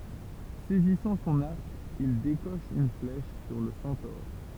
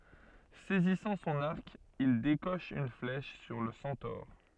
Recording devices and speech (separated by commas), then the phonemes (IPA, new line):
temple vibration pickup, soft in-ear microphone, read sentence
sɛzisɑ̃ sɔ̃n aʁk il dekɔʃ yn flɛʃ syʁ lə sɑ̃tɔʁ